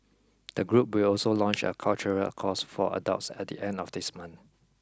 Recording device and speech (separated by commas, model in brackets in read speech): close-talking microphone (WH20), read sentence